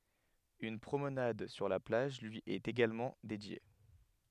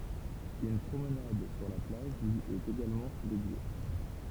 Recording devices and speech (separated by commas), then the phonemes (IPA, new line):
headset microphone, temple vibration pickup, read sentence
yn pʁomnad syʁ la plaʒ lyi ɛt eɡalmɑ̃ dedje